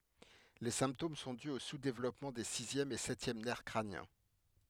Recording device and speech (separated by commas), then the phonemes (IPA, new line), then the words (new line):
headset microphone, read sentence
le sɛ̃ptom sɔ̃ dy o suzdevlɔpmɑ̃ de sizjɛm e sɛtjɛm nɛʁ kʁanjɛ̃
Les symptômes sont dus au sous-développement des sixième et septième nerfs crâniens.